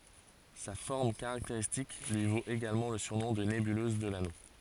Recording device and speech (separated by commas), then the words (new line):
forehead accelerometer, read sentence
Sa forme caractéristique lui vaut également le surnom de nébuleuse de l'Anneau.